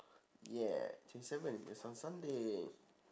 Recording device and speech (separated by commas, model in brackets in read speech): standing microphone, conversation in separate rooms